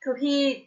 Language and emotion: Thai, neutral